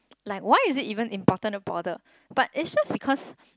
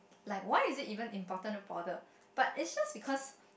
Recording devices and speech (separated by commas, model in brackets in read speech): close-talking microphone, boundary microphone, conversation in the same room